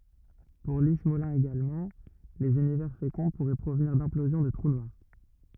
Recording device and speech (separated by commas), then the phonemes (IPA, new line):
rigid in-ear microphone, read sentence
puʁ li smolin eɡalmɑ̃ lez ynivɛʁ fekɔ̃ puʁɛ pʁovniʁ dɛ̃plozjɔ̃ də tʁu nwaʁ